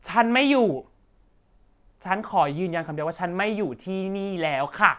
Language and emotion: Thai, frustrated